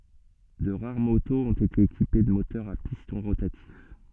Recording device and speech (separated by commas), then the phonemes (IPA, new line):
soft in-ear microphone, read sentence
də ʁaʁ motoz ɔ̃t ete ekipe də motœʁz a pistɔ̃ ʁotatif